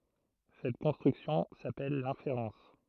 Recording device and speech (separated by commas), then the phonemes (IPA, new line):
throat microphone, read sentence
sɛt kɔ̃stʁyksjɔ̃ sapɛl lɛ̃feʁɑ̃s